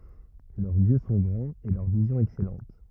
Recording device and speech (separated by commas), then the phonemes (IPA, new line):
rigid in-ear microphone, read sentence
lœʁz jø sɔ̃ ɡʁɑ̃z e lœʁ vizjɔ̃ ɛksɛlɑ̃t